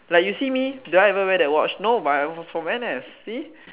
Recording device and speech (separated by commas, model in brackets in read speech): telephone, conversation in separate rooms